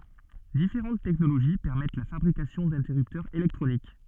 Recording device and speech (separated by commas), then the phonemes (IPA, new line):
soft in-ear microphone, read sentence
difeʁɑ̃t tɛknoloʒi pɛʁmɛt la fabʁikasjɔ̃ dɛ̃tɛʁyptœʁz elɛktʁonik